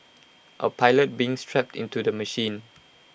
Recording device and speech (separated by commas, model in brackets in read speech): boundary microphone (BM630), read sentence